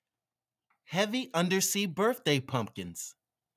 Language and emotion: English, happy